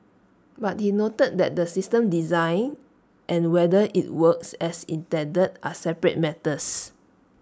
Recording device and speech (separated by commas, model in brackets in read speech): standing microphone (AKG C214), read sentence